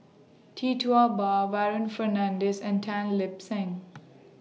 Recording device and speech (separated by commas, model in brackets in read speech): mobile phone (iPhone 6), read sentence